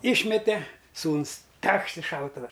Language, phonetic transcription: Lithuanian, ˈišmete ˈsūnus ˈtekšt i ˈšautuva

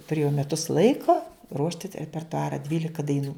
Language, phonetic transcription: Lithuanian, tuˈrėjau meˈtus ˈlaiko ˈruošti ta repertuˈara ˈdvylika daiˈnų

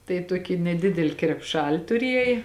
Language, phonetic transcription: Lithuanian, tai ˈtuoki neˈdideli krepˈšal' tuˈriej

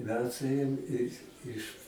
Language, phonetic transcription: Lithuanian, ˈmes ˈėjom i iš

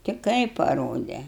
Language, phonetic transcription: Lithuanian, ti ˈkaip paˈrode

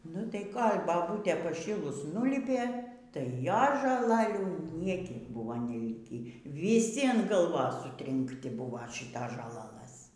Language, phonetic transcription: Lithuanian, nu tai ˈkol' baˈbūtė paˈšylus ˈnulypė tai ˈjos žoˈlalių ˈniekiek ˈbuvo neˈlikį vyˈsi an gaˈlvos sutrinkˈti ˈbūva ˈšitos žoˈlalɘs

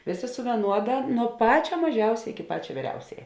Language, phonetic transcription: Lithuanian, ˈvėˌsė su vieˈnuoda nuo ˈpačia maˈžiausia iki ˈpačia ˈvyriausiaja

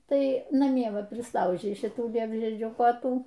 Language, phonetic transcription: Lithuanian, ˈtai naˈmie ˈva prisˈlaužei šiˈtų ˈliepžiedžių koˈtų

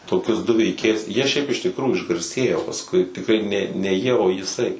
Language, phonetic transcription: Lithuanian, toˈkius du veiˈkėjus ˈjie šiaip iš tikˈrųjų išgarˈsėjo pasˈkui tikˈrai ˈne ne ˈjie o jiˈsai

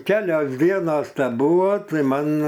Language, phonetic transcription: Lithuanian, ˈkelias ˈdienas teˈbuvo ˈtai ˈman

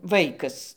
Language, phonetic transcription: Lithuanian, ˈvaikas

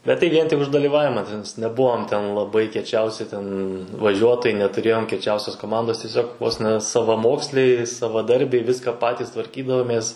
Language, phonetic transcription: Lithuanian, bet tai ˈvien tik už dalyˈvavima teˈnais neˈbuvom ten laˈbai kieˈčiausi ten vaˈžiuotojai netuˈrėjom kieˈčiausios koˈmandos tiˈsiog vos ne savaˈmoksliai savaˈdarbiai ˈviska ˈpatys tvarˈkydavomės

